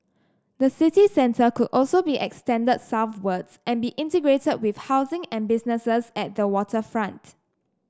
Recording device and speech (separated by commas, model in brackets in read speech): standing microphone (AKG C214), read sentence